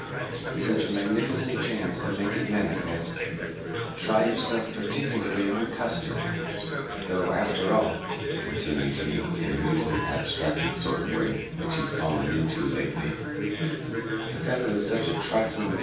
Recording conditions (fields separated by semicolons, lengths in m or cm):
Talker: one person; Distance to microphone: 9.8 m; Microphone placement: far; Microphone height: 1.8 m; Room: large; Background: babble